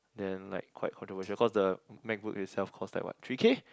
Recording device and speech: close-talking microphone, conversation in the same room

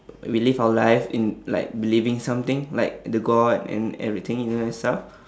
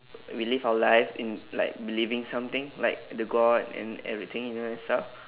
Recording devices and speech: standing microphone, telephone, conversation in separate rooms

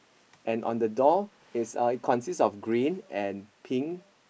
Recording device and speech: boundary microphone, conversation in the same room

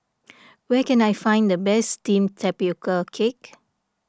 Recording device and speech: standing microphone (AKG C214), read sentence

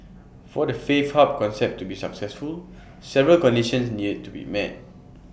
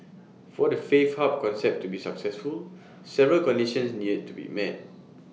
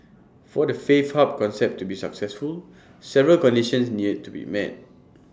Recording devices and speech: boundary microphone (BM630), mobile phone (iPhone 6), standing microphone (AKG C214), read sentence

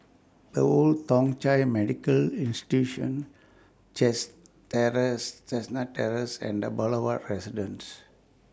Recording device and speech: standing microphone (AKG C214), read sentence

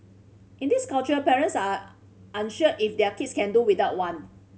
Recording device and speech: mobile phone (Samsung C5010), read sentence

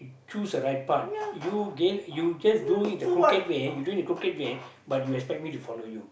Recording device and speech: boundary microphone, conversation in the same room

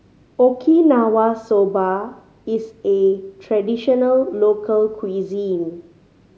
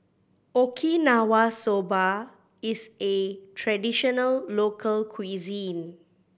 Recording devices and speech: mobile phone (Samsung C5010), boundary microphone (BM630), read sentence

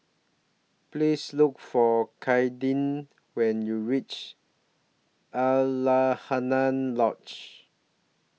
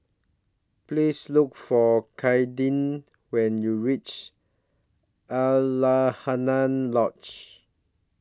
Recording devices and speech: mobile phone (iPhone 6), standing microphone (AKG C214), read sentence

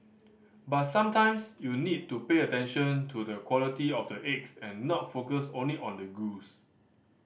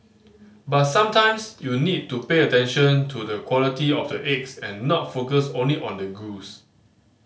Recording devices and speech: boundary microphone (BM630), mobile phone (Samsung C5010), read sentence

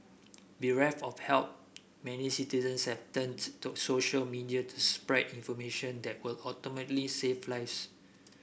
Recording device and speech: boundary microphone (BM630), read sentence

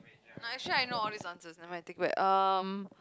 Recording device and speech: close-talking microphone, conversation in the same room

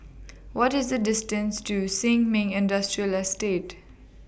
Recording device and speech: boundary microphone (BM630), read sentence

